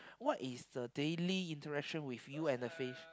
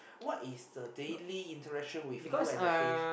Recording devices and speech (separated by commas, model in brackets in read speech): close-talking microphone, boundary microphone, conversation in the same room